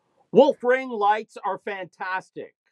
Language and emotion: English, sad